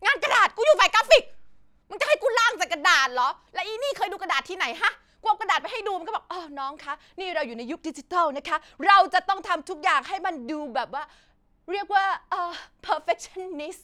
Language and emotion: Thai, angry